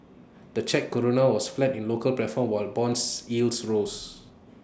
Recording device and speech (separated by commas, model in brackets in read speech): standing microphone (AKG C214), read sentence